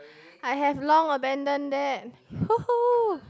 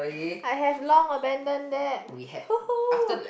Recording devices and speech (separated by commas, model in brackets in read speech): close-talking microphone, boundary microphone, conversation in the same room